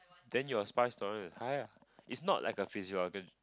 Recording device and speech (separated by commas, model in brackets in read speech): close-talking microphone, conversation in the same room